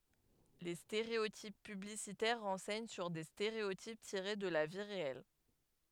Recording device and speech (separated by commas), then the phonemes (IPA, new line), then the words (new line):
headset microphone, read sentence
le steʁeotip pyblisitɛʁ ʁɑ̃sɛɲ syʁ de steʁeotip tiʁe də la vi ʁeɛl
Les stéréotypes publicitaires renseignent sur des stéréotypes tirés de la vie réelle.